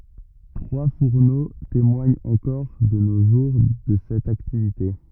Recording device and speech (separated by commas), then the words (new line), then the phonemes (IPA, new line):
rigid in-ear microphone, read sentence
Trois fourneaux témoignent encore de nos jours de cette activité.
tʁwa fuʁno temwaɲt ɑ̃kɔʁ də no ʒuʁ də sɛt aktivite